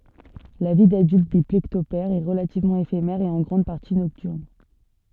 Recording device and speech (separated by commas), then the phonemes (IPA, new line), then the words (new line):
soft in-ear microphone, read sentence
la vi dadylt de plekɔptɛʁz ɛ ʁəlativmɑ̃ efemɛʁ e ɑ̃ ɡʁɑ̃d paʁti nɔktyʁn
La vie d'adulte des plécoptères est relativement éphémère et en grande partie nocturne.